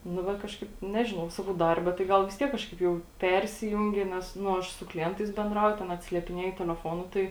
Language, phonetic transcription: Lithuanian, nu ˈva ˈkažkaip ˈnežinau ˈsakau ˈdarbe tai ˈgal vis ˈtiek ˈkažkaip jau ˈpersijungi nes ˈnu ˈaš su kliˈentais benˈdrauju ten atsiliepiˈnieju teleˈfonu ˈtai

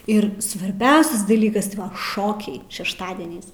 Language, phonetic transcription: Lithuanian, ir svarˈbiausias daˈlykas ˈšokiai šešˈtadieniais

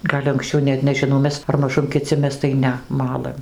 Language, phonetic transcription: Lithuanian, ˈgal' anksˈčiau ˈnet nežiˈnau ˈmes ar maˈžum kiˈci ˈmes tai ˈne ˈmalɘm

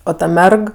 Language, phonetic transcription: Lithuanian, ˈo ˈta ˈmerg

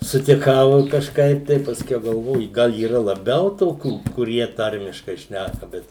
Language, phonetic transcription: Lithuanian, sutiˈkau i kažˈkaip tai pasˈkiau galˈvoju ˈgal yˈra laˈbiau ˈtokių kuˈrie ˈtarmiškai ˈšnæka ˈbet

